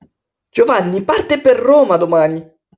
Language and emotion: Italian, happy